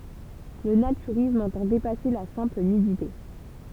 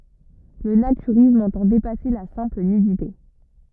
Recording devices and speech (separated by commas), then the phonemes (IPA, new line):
temple vibration pickup, rigid in-ear microphone, read sentence
lə natyʁism ɑ̃tɑ̃ depase la sɛ̃pl nydite